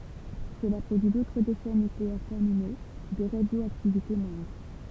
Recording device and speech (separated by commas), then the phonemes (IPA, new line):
temple vibration pickup, read sentence
səla pʁodyi dotʁ deʃɛ nykleɛʁ tɛʁmino də ʁadjoaktivite mwɛ̃dʁ